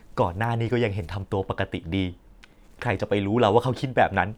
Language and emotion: Thai, frustrated